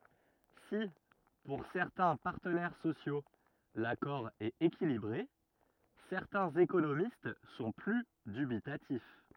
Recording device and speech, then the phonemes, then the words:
rigid in-ear microphone, read sentence
si puʁ sɛʁtɛ̃ paʁtənɛʁ sosjo lakɔʁ ɛt ekilibʁe sɛʁtɛ̃z ekonomist sɔ̃ ply dybitatif
Si pour certains partenaires sociaux l'accord est équilibré, certains économistes sont plus dubitatifs.

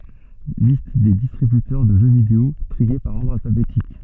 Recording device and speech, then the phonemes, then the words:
soft in-ear microphone, read sentence
list de distʁibytœʁ də ʒø video tʁie paʁ ɔʁdʁ alfabetik
Liste des distributeurs de jeux vidéo, triés par ordre alphabétique.

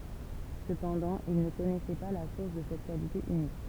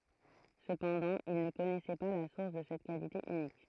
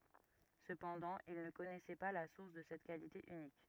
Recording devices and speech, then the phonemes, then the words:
temple vibration pickup, throat microphone, rigid in-ear microphone, read sentence
səpɑ̃dɑ̃ il nə kɔnɛsɛ pa la suʁs də sɛt kalite ynik
Cependant, il ne connaissait pas la source de cette qualité unique.

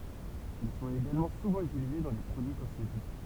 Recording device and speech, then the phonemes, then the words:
temple vibration pickup, read sentence
ɛl sɔ̃t eɡalmɑ̃ suvɑ̃ ytilize dɑ̃ le pʁodyi kɔsmetik
Elles sont également souvent utilisées dans les produits cosmétiques.

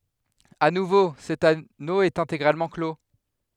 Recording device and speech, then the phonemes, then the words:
headset microphone, read sentence
a nuvo sɛt ano ɛt ɛ̃teɡʁalmɑ̃ klo
À nouveau, cet anneau est intégralement clos.

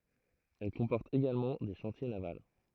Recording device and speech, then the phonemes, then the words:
throat microphone, read sentence
ɛl kɔ̃pɔʁt eɡalmɑ̃ de ʃɑ̃tje naval
Elle comporte également des chantiers navals.

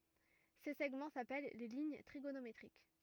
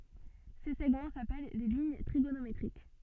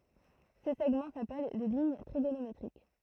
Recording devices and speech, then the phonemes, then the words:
rigid in-ear microphone, soft in-ear microphone, throat microphone, read sentence
se sɛɡmɑ̃ sapɛl le liɲ tʁiɡonometʁik
Ces segments s'appellent les lignes trigonométriques.

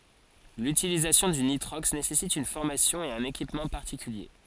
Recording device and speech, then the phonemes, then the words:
forehead accelerometer, read sentence
lytilizasjɔ̃ dy nitʁɔks nesɛsit yn fɔʁmasjɔ̃ e œ̃n ekipmɑ̃ paʁtikylje
L'utilisation du nitrox nécessite une formation et un équipement particuliers.

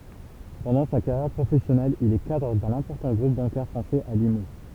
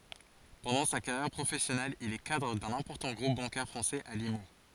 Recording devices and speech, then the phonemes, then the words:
temple vibration pickup, forehead accelerometer, read sentence
pɑ̃dɑ̃ sa kaʁjɛʁ pʁofɛsjɔnɛl il ɛ kadʁ dœ̃n ɛ̃pɔʁtɑ̃ ɡʁup bɑ̃kɛʁ fʁɑ̃sɛz a limu
Pendant sa carrière professionnelle, il est cadre d'un important groupe bancaire français à Limoux.

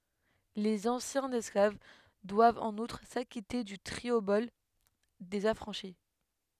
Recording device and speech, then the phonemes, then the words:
headset microphone, read sentence
lez ɑ̃sjɛ̃z ɛsklav dwavt ɑ̃n utʁ sakite dy tʁiobɔl dez afʁɑ̃ʃi
Les anciens esclaves doivent en outre s'acquitter du triobole des affranchis.

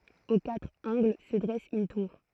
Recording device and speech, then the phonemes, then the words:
throat microphone, read sentence
o katʁ ɑ̃ɡl sə dʁɛs yn tuʁ
Aux quatre angles se dresse une tour.

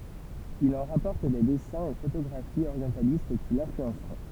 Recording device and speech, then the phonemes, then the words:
temple vibration pickup, read sentence
il ɑ̃ ʁapɔʁt de dɛsɛ̃z e fotoɡʁafiz oʁjɑ̃talist ki lɛ̃flyɑ̃sʁɔ̃
Il en rapporte des dessins et photographies orientalistes qui l'influenceront.

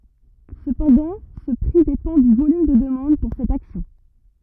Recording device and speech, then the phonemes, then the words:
rigid in-ear microphone, read sentence
səpɑ̃dɑ̃ sə pʁi depɑ̃ dy volym də dəmɑ̃d puʁ sɛt aksjɔ̃
Cependant ce prix dépend du volume de demande pour cette action.

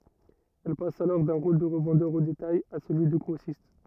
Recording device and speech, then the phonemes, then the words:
rigid in-ear microphone, read sentence
ɛl pas alɔʁ dœ̃ ʁol də ʁəvɑ̃dœʁ o detaj a səlyi də ɡʁosist
Elle passe alors d’un rôle de revendeur au détail à celui de grossiste.

